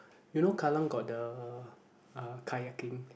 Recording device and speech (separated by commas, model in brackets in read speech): boundary microphone, conversation in the same room